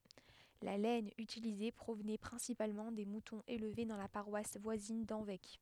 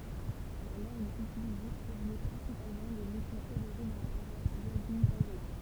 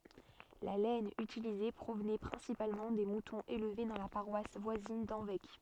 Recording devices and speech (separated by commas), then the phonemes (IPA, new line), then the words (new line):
headset microphone, temple vibration pickup, soft in-ear microphone, read sentence
la lɛn ytilize pʁovnɛ pʁɛ̃sipalmɑ̃ de mutɔ̃z elve dɑ̃ la paʁwas vwazin dɑ̃vɛk
La laine utilisée provenait principalement des moutons élevés dans la paroisse voisine d'Hanvec.